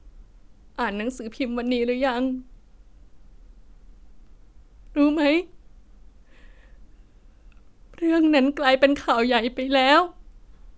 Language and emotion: Thai, sad